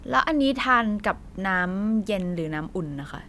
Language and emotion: Thai, neutral